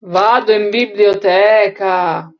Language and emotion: Italian, disgusted